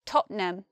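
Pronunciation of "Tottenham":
'Tottenham' is not said with three syllables here.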